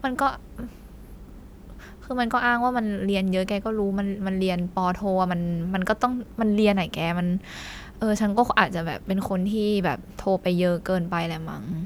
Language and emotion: Thai, frustrated